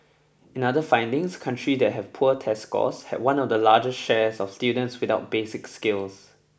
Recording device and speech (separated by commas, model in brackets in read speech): boundary microphone (BM630), read sentence